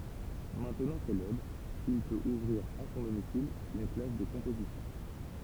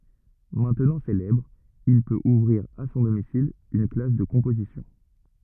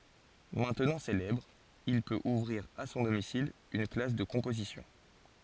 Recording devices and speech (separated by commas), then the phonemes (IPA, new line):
temple vibration pickup, rigid in-ear microphone, forehead accelerometer, read sentence
mɛ̃tnɑ̃ selɛbʁ il pøt uvʁiʁ a sɔ̃ domisil yn klas də kɔ̃pozisjɔ̃